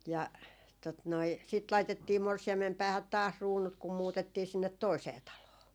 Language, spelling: Finnish, ja tuota noin sitten laitettiin morsiamen päähän taas kruunut kun muutettiin sinne toiseen taloon
- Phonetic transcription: ja , tot noi , sit 'laitettii 'morsi₍ammem 'päähät "taas "ruunut kum 'muutettii 'sinnet "toisee 'taloo .

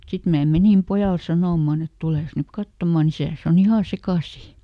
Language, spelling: Finnish, sitten minä menin pojalle sanomaan että tules nyt katsomaan isäsi on ihan sekaisin
- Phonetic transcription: ˈsit mää "menim ˈpojal ˈsanòmman ‿et » ˈtulès nyk "kattomaˈn ‿isä̀s ‿o"n ‿ihà ˈsekàsì .

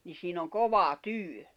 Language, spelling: Finnish, niin siinä on kova työ
- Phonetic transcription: ni siin ‿oŋ "kova "tỳö .

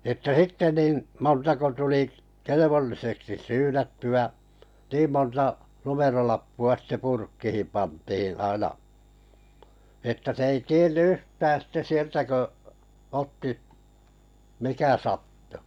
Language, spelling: Finnish, että sitten niin montako tuli kelvolliseksi syynättyä niin monta numerolappua sitten purkkiin pantiin aina että se ei tiennyt yhtään sitten sieltä kun otti mikä sattui
- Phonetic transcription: ᵉttä 'sitte nin̬ , montako 'tuli , "kelevolliseksi 'syynätty₍ä , 'niim monta , 'numerolappu₍a sⁱtte "purkkihim 'pantihin̬ 'aina että se ei 'tien"n ‿yhtää sitte 'sieltä kö , 'otti , mikä sattᴜ .

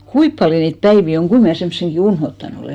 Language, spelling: Finnish, kuinka paljon niitä päiviä on kuinka minä semmoisenkin unohtanut olen
- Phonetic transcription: 'kuip paljo niit 'päivi oŋ 'ɢui mnä̀ 'semmᵒsenɢi "unhottan ‿olè ?

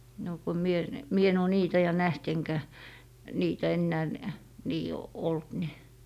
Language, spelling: Finnish, no kun minä ne minä en ole niitä ja nähnyt enkä niitä enää - niin ollut niin
- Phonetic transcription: no ko 'mie ne , 'mie en ‿oo 'niitä ja 'näht eŋkä , 'niitä ennää n- , nii , "olt ni .

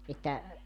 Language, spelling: Finnish, että
- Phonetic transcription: että ,.

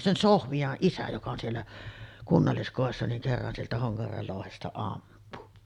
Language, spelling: Finnish, sen Sofian isä joka on siellä kunnalliskodissa niin kerran sieltä Honkajärven louhesta ampui
- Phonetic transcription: 'sen "Sohvi₍aˀ 'ˀisä joka on siellä , 'kunnalliskòessa niŋ kerran sieltä 'Hoŋkajärvel lòuhesta 'ampu .

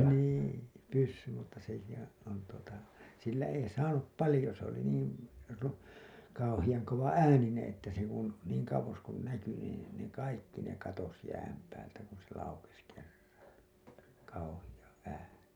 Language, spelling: Finnish, niin pyssyn mutta sekin on tuota sillä ei saanut paljon se oli niin - kauhean kovaääninen että se kun niin kauas kun näkyi niin ne kaikki ne katosi jään päältä kun se laukesi kerran kauhea ääni
- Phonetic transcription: 'nii , 'pyssym mutta sekihää̰ , on tuota , sillä ei saanup 'palĭjo s ‿oli niin̬ , ru- , kauhijaŋ kova₍"äänineḛ että se kun , niiŋ kauwos kun 'näky nii , ne 'kaikki ne 'katos jääm päältä kun se laukes kerraa̰ , kauhiʲa '’ääni .

